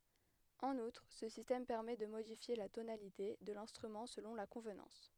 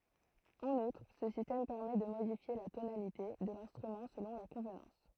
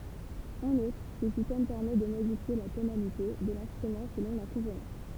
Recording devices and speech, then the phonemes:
headset microphone, throat microphone, temple vibration pickup, read sentence
ɑ̃n utʁ sə sistɛm pɛʁmɛ də modifje la tonalite də lɛ̃stʁymɑ̃ səlɔ̃ la kɔ̃vnɑ̃s

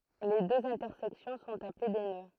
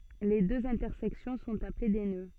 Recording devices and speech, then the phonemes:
throat microphone, soft in-ear microphone, read sentence
le døz ɛ̃tɛʁsɛksjɔ̃ sɔ̃t aple de nø

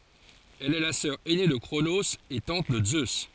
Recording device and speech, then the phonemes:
forehead accelerometer, read sentence
ɛl ɛ la sœʁ ɛne də kʁonoz e tɑ̃t də zø

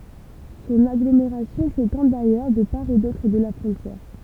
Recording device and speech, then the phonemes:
temple vibration pickup, read sentence
sɔ̃n aɡlomeʁasjɔ̃ setɑ̃ dajœʁ də paʁ e dotʁ də la fʁɔ̃tjɛʁ

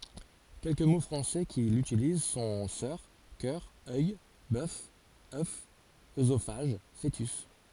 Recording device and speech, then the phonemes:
forehead accelerometer, read sentence
kɛlkə mo fʁɑ̃sɛ ki lytiliz sɔ̃ sœʁ kœʁ œj bœf œf øzofaʒ foətys

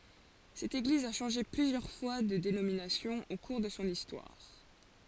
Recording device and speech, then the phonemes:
forehead accelerometer, read sentence
sɛt eɡliz a ʃɑ̃ʒe plyzjœʁ fwa də denominasjɔ̃ o kuʁ də sɔ̃ istwaʁ

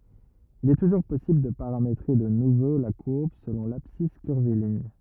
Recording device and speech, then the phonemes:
rigid in-ear microphone, read sentence
il ɛ tuʒuʁ pɔsibl də paʁametʁe də nuvo la kuʁb səlɔ̃ labsis kyʁviliɲ

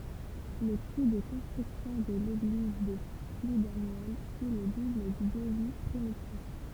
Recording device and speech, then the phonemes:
temple vibration pickup, read sentence
lə ku də kɔ̃stʁyksjɔ̃ də leɡliz də pludanjɛl fy lə dubl dy dəvi pʁimitif

